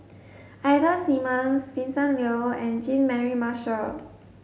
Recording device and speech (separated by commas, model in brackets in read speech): mobile phone (Samsung S8), read sentence